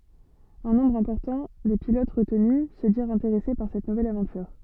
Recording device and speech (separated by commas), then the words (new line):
soft in-ear microphone, read sentence
Un nombre important des pilotes retenus se dirent intéressés par cette nouvelle aventure.